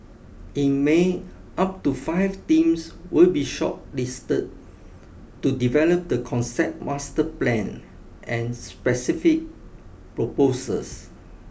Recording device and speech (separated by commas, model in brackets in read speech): boundary microphone (BM630), read sentence